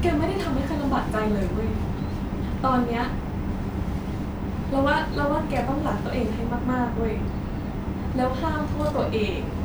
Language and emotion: Thai, sad